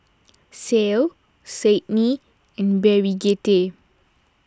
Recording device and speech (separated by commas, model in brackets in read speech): standing microphone (AKG C214), read sentence